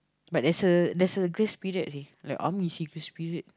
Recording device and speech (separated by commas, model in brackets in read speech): close-talking microphone, conversation in the same room